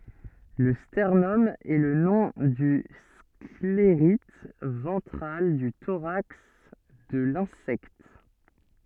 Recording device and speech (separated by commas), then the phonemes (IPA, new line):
soft in-ear microphone, read sentence
lə stɛʁnɔm ɛ lə nɔ̃ dy skleʁit vɑ̃tʁal dy toʁaks də lɛ̃sɛkt